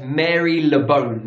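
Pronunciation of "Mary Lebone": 'Marylebone' is mispronounced here, as 'Mary Lebone'.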